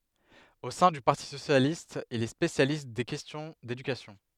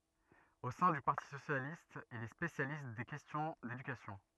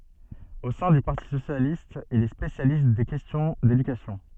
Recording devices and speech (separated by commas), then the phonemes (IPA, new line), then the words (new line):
headset microphone, rigid in-ear microphone, soft in-ear microphone, read sentence
o sɛ̃ dy paʁti sosjalist il ɛ spesjalist de kɛstjɔ̃ dedykasjɔ̃
Au sein du Parti Socialiste, il est spécialiste des questions d’éducation.